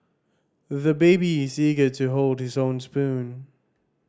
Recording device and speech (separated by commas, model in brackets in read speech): standing microphone (AKG C214), read sentence